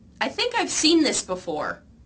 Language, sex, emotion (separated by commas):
English, female, neutral